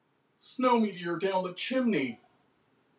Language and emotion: English, fearful